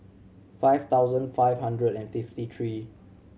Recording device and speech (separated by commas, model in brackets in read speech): mobile phone (Samsung C7100), read sentence